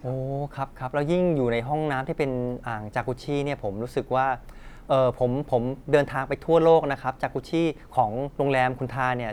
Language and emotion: Thai, neutral